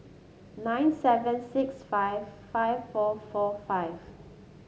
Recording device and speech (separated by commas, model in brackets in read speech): mobile phone (Samsung S8), read sentence